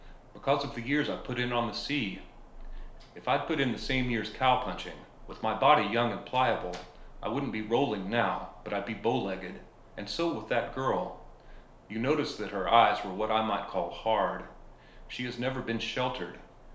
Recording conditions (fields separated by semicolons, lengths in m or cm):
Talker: one person; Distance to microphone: 1.0 m; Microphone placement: close; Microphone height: 1.1 m; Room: small (3.7 m by 2.7 m); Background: none